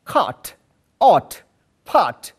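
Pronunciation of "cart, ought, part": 'Cart', 'art', 'part' are pronounced correctly here, with the r not pronounced before the t.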